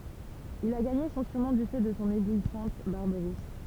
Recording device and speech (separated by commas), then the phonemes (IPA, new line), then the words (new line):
temple vibration pickup, read sentence
il a ɡaɲe sɔ̃ syʁnɔ̃ dy fɛ də sɔ̃ eblwisɑ̃t baʁb ʁus
Il a gagné son surnom du fait de son éblouissante barbe rousse.